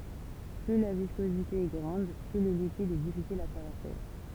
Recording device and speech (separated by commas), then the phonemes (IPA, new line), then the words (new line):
temple vibration pickup, read sentence
ply la viskozite ɛ ɡʁɑ̃d ply lə likid ɛ difisil a tʁavɛʁse
Plus la viscosité est grande, plus le liquide est difficile à traverser.